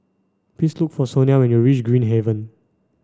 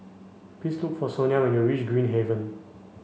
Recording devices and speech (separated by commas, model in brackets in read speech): standing microphone (AKG C214), mobile phone (Samsung C5), read sentence